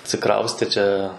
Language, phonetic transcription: Lithuanian, atsiˈkraustė ˈčia

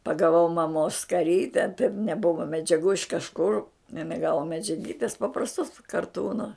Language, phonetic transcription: Lithuanian, pagaˈvau maˈmos skaˈryte taip neˈbuva medžiaˈgų iš kažˈkur iˈnai ˈgavo medžiaˈgytis paprasˈtos karˈtūno

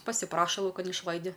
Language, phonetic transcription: Lithuanian, pasiˈpraša lauˈkan išˈlaidi

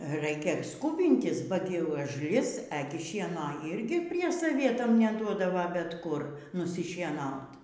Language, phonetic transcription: Lithuanian, ˈraikia ˈskūbintis ba ˈti užˈlis ˈegi ˈšienoˈ irgi prie saˈvietam neˈduodava bet ˈkur nusišieˈnaut

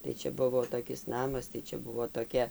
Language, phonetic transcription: Lithuanian, tai ˈčia ˈbuvo toˈkis ˈnamas tai ˈčia ˈbuvo toˈkia

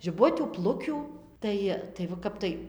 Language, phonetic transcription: Lithuanian, žiˈbutių ˈplukių ˈtai tai va ˈkap tai

